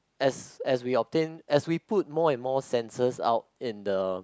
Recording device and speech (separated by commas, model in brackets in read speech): close-talking microphone, conversation in the same room